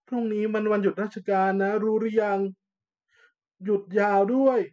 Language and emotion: Thai, frustrated